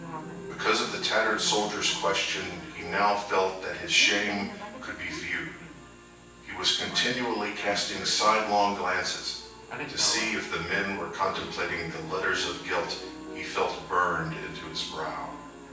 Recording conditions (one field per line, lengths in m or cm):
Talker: one person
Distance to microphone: 9.8 m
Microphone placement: far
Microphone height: 1.8 m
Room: large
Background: television